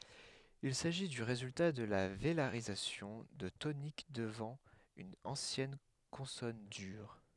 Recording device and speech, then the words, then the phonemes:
headset microphone, read sentence
Il s'agit du résultat de la vélarisation de tonique devant une ancienne consonne dure.
il saʒi dy ʁezylta də la velaʁizasjɔ̃ də tonik dəvɑ̃ yn ɑ̃sjɛn kɔ̃sɔn dyʁ

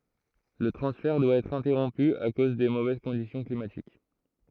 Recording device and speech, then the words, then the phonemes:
throat microphone, read sentence
Le transfert doit être interrompu à cause des mauvaises conditions climatiques.
lə tʁɑ̃sfɛʁ dwa ɛtʁ ɛ̃tɛʁɔ̃py a koz de movɛz kɔ̃disjɔ̃ klimatik

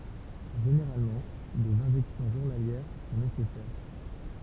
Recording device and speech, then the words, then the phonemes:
temple vibration pickup, read sentence
Généralement, des injections journalières sont nécessaires.
ʒeneʁalmɑ̃ dez ɛ̃ʒɛksjɔ̃ ʒuʁnaljɛʁ sɔ̃ nesɛsɛʁ

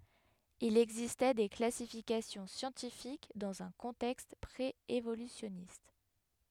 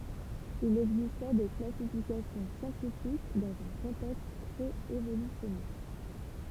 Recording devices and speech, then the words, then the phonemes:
headset microphone, temple vibration pickup, read sentence
Il existait des classifications scientifiques dans un contexte pré-évolutionniste.
il ɛɡzistɛ de klasifikasjɔ̃ sjɑ̃tifik dɑ̃z œ̃ kɔ̃tɛkst pʁeevolysjɔnist

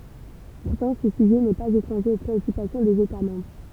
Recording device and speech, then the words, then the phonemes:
temple vibration pickup, read sentence
Pourtant, ce sujet n'est pas étranger aux préoccupations des États membres.
puʁtɑ̃ sə syʒɛ nɛ paz etʁɑ̃ʒe o pʁeɔkypasjɔ̃ dez eta mɑ̃bʁ

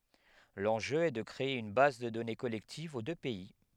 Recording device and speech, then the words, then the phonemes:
headset microphone, read sentence
L'enjeu est de créer une base de données collective aux deux pays.
lɑ̃ʒø ɛ də kʁee yn baz də dɔne kɔlɛktiv o dø pɛi

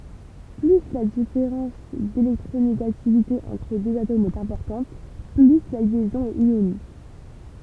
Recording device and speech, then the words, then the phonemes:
temple vibration pickup, read sentence
Plus la différence d'électronégativité entre deux atomes est importante, plus la liaison est ionique.
ply la difeʁɑ̃s delɛktʁoneɡativite ɑ̃tʁ døz atomz ɛt ɛ̃pɔʁtɑ̃t ply la ljɛzɔ̃ ɛt jonik

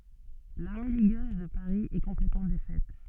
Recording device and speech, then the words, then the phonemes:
soft in-ear microphone, read sentence
L’armée ligueuse de Paris est complètement défaite.
laʁme liɡøz də paʁi ɛ kɔ̃plɛtmɑ̃ defɛt

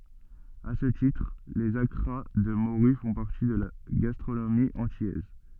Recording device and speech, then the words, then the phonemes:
soft in-ear microphone, read sentence
À ce titre, les accras de morue font partie de la gastronomie antillaise.
a sə titʁ lez akʁa də moʁy fɔ̃ paʁti də la ɡastʁonomi ɑ̃tilɛz

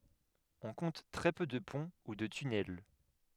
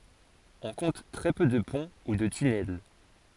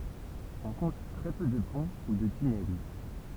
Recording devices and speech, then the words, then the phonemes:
headset microphone, forehead accelerometer, temple vibration pickup, read sentence
On compte très peu de ponts ou de tunnels.
ɔ̃ kɔ̃t tʁɛ pø də pɔ̃ u də tynɛl

